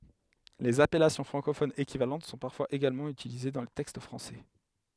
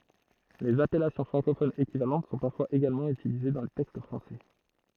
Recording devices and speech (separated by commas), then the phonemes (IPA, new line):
headset microphone, throat microphone, read sentence
lez apɛlasjɔ̃ fʁɑ̃kofonz ekivalɑ̃t sɔ̃ paʁfwaz eɡalmɑ̃ ytilize dɑ̃ le tɛkst fʁɑ̃sɛ